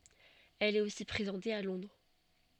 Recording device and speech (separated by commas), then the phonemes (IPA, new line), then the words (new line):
soft in-ear microphone, read sentence
ɛl ɛt osi pʁezɑ̃te a lɔ̃dʁ
Elle est aussi présentée à Londres.